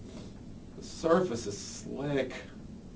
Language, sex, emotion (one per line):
English
male
disgusted